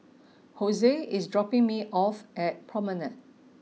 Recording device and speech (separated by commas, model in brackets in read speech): mobile phone (iPhone 6), read sentence